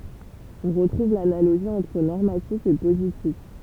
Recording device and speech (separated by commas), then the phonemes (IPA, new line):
temple vibration pickup, read sentence
ɔ̃ ʁətʁuv lanaloʒi ɑ̃tʁ nɔʁmatif e pozitif